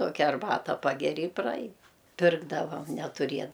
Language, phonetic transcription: Lithuanian, ˈtokia arˈbata ˈpageri i praˈain ˈpirkdavam netuˈrie

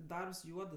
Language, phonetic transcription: Lithuanian, ˈdarbs ˈjuodɜ

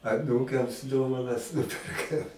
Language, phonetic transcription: Lithuanian, aˈnūkams ˈdovanas ˈnuperkam

